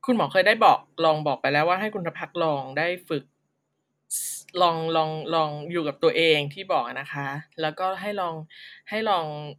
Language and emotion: Thai, neutral